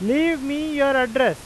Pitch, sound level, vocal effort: 275 Hz, 96 dB SPL, very loud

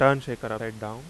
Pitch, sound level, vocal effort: 115 Hz, 88 dB SPL, loud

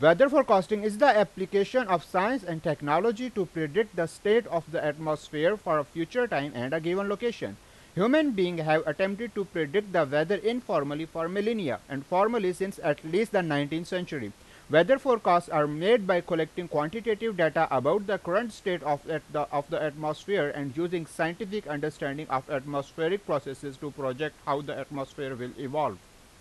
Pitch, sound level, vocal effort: 165 Hz, 93 dB SPL, very loud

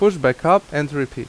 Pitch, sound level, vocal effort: 150 Hz, 87 dB SPL, loud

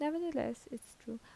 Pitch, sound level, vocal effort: 255 Hz, 77 dB SPL, soft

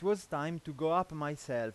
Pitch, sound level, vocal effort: 160 Hz, 93 dB SPL, loud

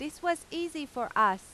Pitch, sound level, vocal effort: 305 Hz, 95 dB SPL, loud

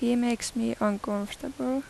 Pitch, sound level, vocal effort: 240 Hz, 82 dB SPL, soft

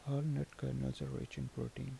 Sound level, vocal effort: 73 dB SPL, soft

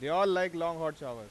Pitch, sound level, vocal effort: 170 Hz, 100 dB SPL, loud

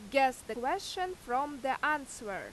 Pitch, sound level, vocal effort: 270 Hz, 91 dB SPL, very loud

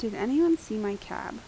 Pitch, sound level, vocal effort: 220 Hz, 81 dB SPL, soft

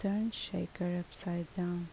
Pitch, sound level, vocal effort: 175 Hz, 72 dB SPL, soft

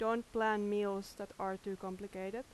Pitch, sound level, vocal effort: 200 Hz, 86 dB SPL, loud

